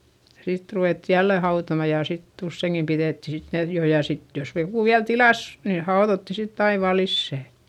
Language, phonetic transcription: Finnish, sit ruvètti jälle hautoma ja sitt ‿ussèŋkim piδètti sit (nen) jo ja sit jos joku viäl tilàs , nii haoδotti sitt ‿ai vaa lissä̀ .
- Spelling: sitten ruvettiin jälleen hautomaan ja sitten useinkin pidettiin sitten ne jo ja sitten jos joku vielä tilasi niin haudottiin sitten aina vain lisää

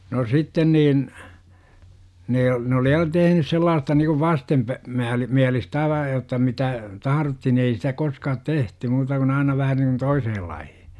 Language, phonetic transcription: Finnish, no "sitten niin , 'ne , ne oli ja "tehnys 'sellaasta nikuv "vastempä- , -määl- , '-miälistä 'aiva jotta 'mitä , "taharotti ni ei sitä koskaat "tehty muuta kun 'aina vähä niŋkun "toisehel 'laihI .
- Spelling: no sitten niin ne ne oli ja tehnyt sellaista niin kuin - - vastenmielistä aivan jotta mitä tahdottiin niin ei sitä koskaan tehty muuta kuin aina vähän niin kuin toiselle lailla

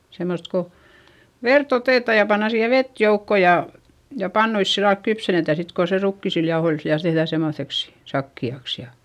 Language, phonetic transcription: Finnish, semmost ko , vert ‿otètà ja panna siihe vet joukko ja , ja pannuis sillalk kypsenetä sit ko se rukkisil jaohoil viäl tehδä̀ semmoϑeks , sakki₍aks ja ,.
- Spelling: semmoista kun verta otetaan ja pannaan siihen vettä joukkoon ja ja pannuissa sillä lailla kypsennetään sitten kun se rukiisilla jauhoilla vielä tehdään semmoiseksi sakeaksi ja

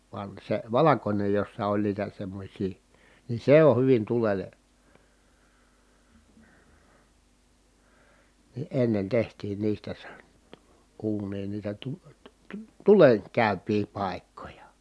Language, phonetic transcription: Finnish, van se valakońej jossa oĺ niitä semmośii , ni se o(h) hyvin tulel̀e ,. ni ennen tehtiin niistä se , uuǹiin niitä tu- , tU- tU- , tulen- , -kä̀yp̀ii pài̮kkoja .
- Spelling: vaan se valkoinen jossa oli niitä semmoisia niin se on hyvin tulelle niin ennen tehtiin niistä se uuniin niitä - - - - tulenkäypiä paikkoja

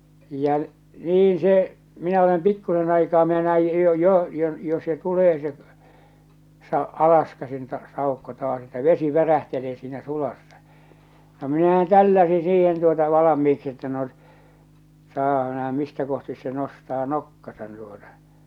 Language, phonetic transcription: Finnish, ja , 'niin se , minä olem 'pikkusen aikaa minä näij 'jo 'jo , 'jo jo se 'tulee se , sa- , "alaskäsin ta- 'sàukko taas että "vesi 'värähtelee siinä 'sulassa , no minähän 'tälläsi siihen tuota 'valamiiksi että no , saapa nähä 'mistä kohtis se 'nostaa "nokkasan tuota .
- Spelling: ja niin se minä olen pikkuisen aikaa minä näin jo jo jo jo se tulee se - alaskäsin - saukko taas että vesi värähtelee siinä sulassa no minähän tälläsin siihen tuota valmiiksi että no saapa nähdä mistä kohti se nostaa nokkansa tuota

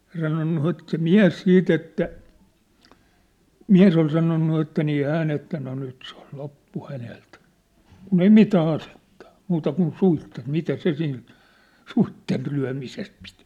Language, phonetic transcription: Finnish, ŏl sanonnu se̳t se "miä̭s 'siit ‿että , "miä̭s ‿ol sanonnu että nii 'hään ‿että , no 'nyt se ‿ol 'loppu 'hänelt , kun ‿ei "mitää 'asettᴀ ᴏ , 'muuta kun "suittet 'mitä se sil , 'suitte(ll)yä̭misel pit .
- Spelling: oli sanonut - se mies sitten että mies oli sanonut että niin hän että no nyt se oli loppu häneltä kun ei mitään asetta ole muuta kuin suitset mitä se sillä suitsienlyömisellä piti

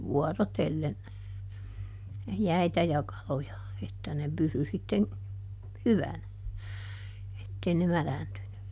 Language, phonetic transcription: Finnish, ˈvuɔrotellen , "jäitä ja ˈkaloja , että ne ˈpysy sitteŋ , "hyvänä , ˈettei ne "mäläntyny .
- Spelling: vuorotellen jäitä ja kaloja että ne pysyi sitten hyvänä että ei ne mädäntynyt

